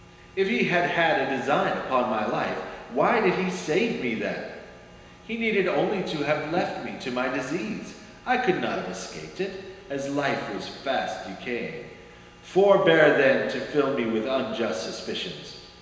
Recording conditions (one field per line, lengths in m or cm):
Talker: one person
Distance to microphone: 1.7 m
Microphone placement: close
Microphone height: 1.0 m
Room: very reverberant, large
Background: none